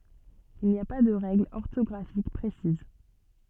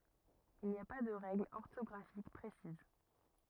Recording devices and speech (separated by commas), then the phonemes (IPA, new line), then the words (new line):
soft in-ear microphone, rigid in-ear microphone, read sentence
il ni a pa də ʁɛɡlz ɔʁtɔɡʁafik pʁesiz
Il n'y a pas de règles orthographiques précises.